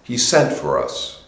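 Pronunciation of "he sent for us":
The final pronoun 'us' is not stressed, and the voice drops at the end.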